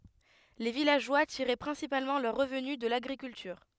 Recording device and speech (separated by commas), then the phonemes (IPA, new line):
headset microphone, read sentence
le vilaʒwa tiʁɛ pʁɛ̃sipalmɑ̃ lœʁ ʁəvny də laɡʁikyltyʁ